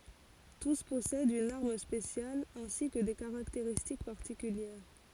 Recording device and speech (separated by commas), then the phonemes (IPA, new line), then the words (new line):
forehead accelerometer, read sentence
tus pɔsɛdt yn aʁm spesjal ɛ̃si kə de kaʁakteʁistik paʁtikyljɛʁ
Tous possèdent une arme spéciale, ainsi que des caractéristiques particulières.